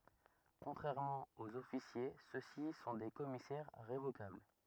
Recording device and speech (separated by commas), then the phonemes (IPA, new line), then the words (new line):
rigid in-ear microphone, read sentence
kɔ̃tʁɛʁmɑ̃ oz ɔfisje sø si sɔ̃ de kɔmisɛʁ ʁevokabl
Contrairement aux officiers ceux-ci sont des commissaires révocables.